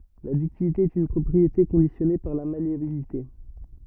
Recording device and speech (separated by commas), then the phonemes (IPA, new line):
rigid in-ear microphone, read sentence
la dyktilite ɛt yn pʁɔpʁiete kɔ̃disjɔne paʁ la maleabilite